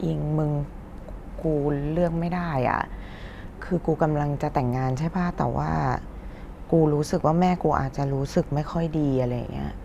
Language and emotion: Thai, frustrated